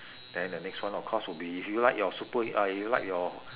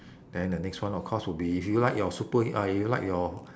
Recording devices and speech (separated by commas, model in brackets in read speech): telephone, standing microphone, conversation in separate rooms